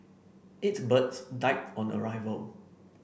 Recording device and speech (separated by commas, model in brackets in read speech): boundary microphone (BM630), read sentence